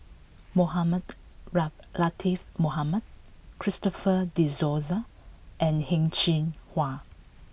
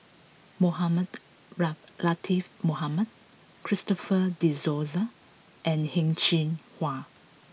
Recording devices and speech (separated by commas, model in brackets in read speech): boundary microphone (BM630), mobile phone (iPhone 6), read sentence